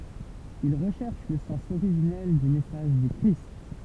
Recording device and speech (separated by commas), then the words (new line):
temple vibration pickup, read sentence
Ils recherchent le sens originel du message du Christ.